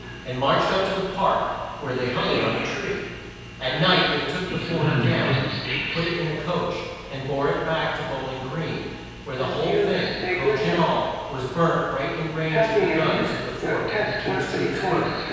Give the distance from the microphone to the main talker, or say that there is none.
7.1 m.